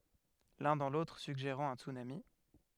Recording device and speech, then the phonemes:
headset microphone, read sentence
lœ̃ dɑ̃ lotʁ syɡʒeʁɑ̃ œ̃ tsynami

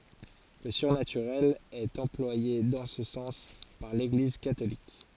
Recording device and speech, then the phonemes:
forehead accelerometer, read sentence
lə syʁnatyʁɛl ɛt ɑ̃plwaje dɑ̃ sə sɑ̃s paʁ leɡliz katolik

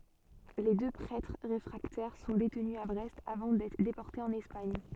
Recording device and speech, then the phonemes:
soft in-ear microphone, read sentence
le dø pʁɛtʁ ʁefʁaktɛʁ sɔ̃ detny a bʁɛst avɑ̃ dɛtʁ depɔʁtez ɑ̃n ɛspaɲ

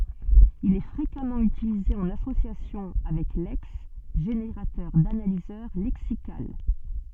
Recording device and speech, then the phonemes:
soft in-ear microphone, read sentence
il ɛ fʁekamɑ̃ ytilize ɑ̃n asosjasjɔ̃ avɛk lɛks ʒeneʁatœʁ danalizœʁ lɛksikal

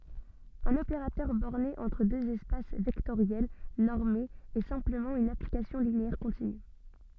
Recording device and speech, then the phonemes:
soft in-ear microphone, read sentence
œ̃n opeʁatœʁ bɔʁne ɑ̃tʁ døz ɛspas vɛktoʁjɛl nɔʁmez ɛ sɛ̃pləmɑ̃ yn aplikasjɔ̃ lineɛʁ kɔ̃tiny

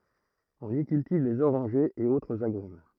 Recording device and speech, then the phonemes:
throat microphone, read sentence
ɔ̃n i kyltiv lez oʁɑ̃ʒez e otʁz aɡʁym

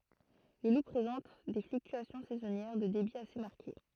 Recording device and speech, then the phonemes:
throat microphone, read sentence
lə lu pʁezɑ̃t de flyktyasjɔ̃ sɛzɔnjɛʁ də debi ase maʁke

